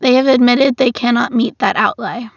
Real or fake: real